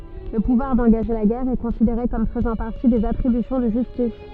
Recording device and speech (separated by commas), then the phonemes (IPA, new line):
soft in-ear microphone, read sentence
lə puvwaʁ dɑ̃ɡaʒe la ɡɛʁ ɛ kɔ̃sideʁe kɔm fəzɑ̃ paʁti dez atʁibysjɔ̃ də ʒystis